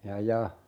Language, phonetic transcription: Finnish, 'ja "ja .
- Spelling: ja ja

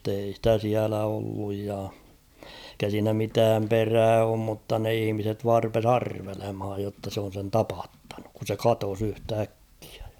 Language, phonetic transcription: Finnish, m̥tei ‿stä 'siälä olluj ja , [ei]kä siinä mitääm 'perää oom mutta ne 'ihⁱmiset vaar rupes "arvelemhaaj jotta se on̬ sen 'tapattanuk ku se "katos yht'äkkɪᴀ̈ ᴊᴀ .
- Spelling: mutta ei sitä siellä ollut ja eikä siinä mitään perää ole mutta ne ihmiset vain rupesi arvelemaan jotta se on sen tapattanut kun se katosi yhtäkkiä ja

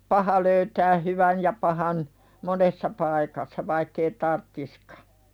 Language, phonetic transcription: Finnish, 'paha löytää "hyvän̳ ja pahan , 'monessa paikassa vaikk ‿ei "tarttiskᴀ .
- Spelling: paha löytää hyvän ja pahan monessa paikassa vaikka ei tarvitsisikaan

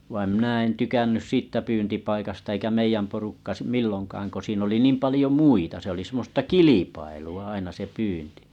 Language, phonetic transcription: Finnish, vaim mⁱnä̀ en 'tykännys 'siittä pyyntipaikasta eikä 'meijäm porukka s- 'milloŋkaaŋ ko siin ‿oli 'niim 'palĭjo "muita se oli semmosta "kilipailu₍a aina se 'pyynti .
- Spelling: vaan minä en tykännyt siitä pyyntipaikasta eikä meidän porukka - milloinkaan kun siinä oli niin paljon muita se oli semmoista kilpailua aina se pyynti

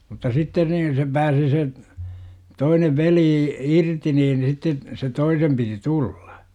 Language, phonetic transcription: Finnish, mutta "sitten niin se 'pääsi se , 'toinev "velii , "irti niin sitte , se "toisem 'piti "tulLA .
- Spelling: mutta sitten niin se pääsi se toinen veli irti niin sitten sen toisen piti tulla

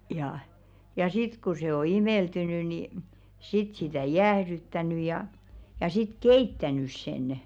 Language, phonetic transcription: Finnish, ja , ja "sit ku se o 'imèltyny ni , 'sit sitä̀ "jäähðyttäny jà , ja sit "keittänys senᵊ .
- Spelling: ja ja sitten kun se on imeltynyt niin sitten sitä jäähdyttänyt ja ja sitten keittänyt sen

